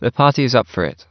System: none